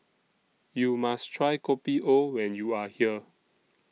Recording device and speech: mobile phone (iPhone 6), read sentence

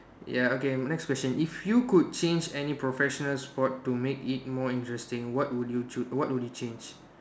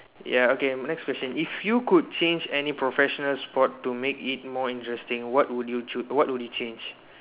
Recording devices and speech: standing microphone, telephone, conversation in separate rooms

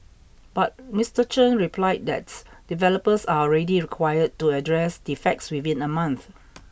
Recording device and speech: boundary microphone (BM630), read sentence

